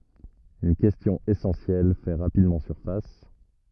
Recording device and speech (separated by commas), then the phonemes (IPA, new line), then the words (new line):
rigid in-ear microphone, read sentence
yn kɛstjɔ̃ esɑ̃sjɛl fɛ ʁapidmɑ̃ syʁfas
Une question essentielle fait rapidement surface.